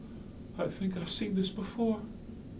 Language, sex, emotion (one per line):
English
male
fearful